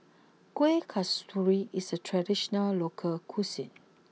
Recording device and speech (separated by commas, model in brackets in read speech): mobile phone (iPhone 6), read sentence